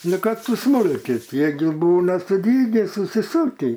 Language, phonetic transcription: Lithuanian, ˈnu ˈkad suˈsmūlkit ˈjie gi ˈbūna suˈdyge susiˈsukį

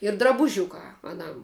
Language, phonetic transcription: Lithuanian, ir drabuˈžiukā aˈnam

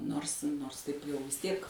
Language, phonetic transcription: Lithuanian, ˈnors ˈnors taip jau vis ˈtiek

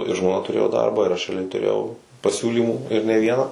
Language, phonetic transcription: Lithuanian, i žmoˈna tuˈrėjo ˈdarbą ir ˈaš reaˈliai tuˈrėjau paˈsiūlymų ir ne ˈvieną

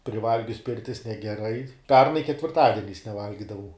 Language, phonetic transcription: Lithuanian, priˈvalgius ˈpirtis negeˈrai ˈpernai ketvirˈtadieniais neˈvalgidavau

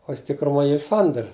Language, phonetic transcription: Lithuanian, o ˈjis tikruˈmoj ˈyr ˈsander

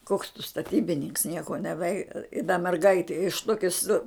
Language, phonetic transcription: Lithuanian, koks tu staˈtybininks ˈnieko neˈvei i da merˈgaiti iš ˈtoki su

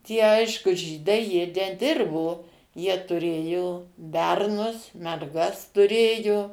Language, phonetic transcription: Lithuanian, tie ˈaišku ˈžydai ˈjie neˈdirbo ˈjie tuˈrėjo ˈbernus merˈgas tuˈrėju

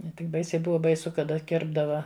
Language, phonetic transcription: Lithuanian, ne ˈtik ˈbaisiai ˈbuva baiˈsu kaˈda ˈkirpdava

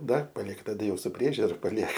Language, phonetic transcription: Lithuanian, ˈdar paˈliek taˈda ˈjau su ˈpriežiura paˈliek

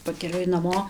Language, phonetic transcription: Lithuanian, pakeˈliui naˈmo

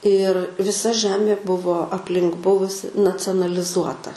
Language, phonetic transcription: Lithuanian, ir viˈsa ˈžemė ˈbuvo apˈlink ˈbuvusi nacionalˈizuota

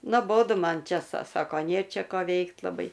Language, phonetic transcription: Lithuanian, noˈbodu ˈman ˈčia sa ˈsako nė ˈčia ˈko ˈveikt laˈbai

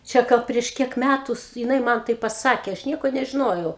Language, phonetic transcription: Lithuanian, čia ˈgal prieš ˈkiek ˈmætus jiˈnai ˈman ˈtai paˈsakė ˈaš ˈnieko nežiˈnojau

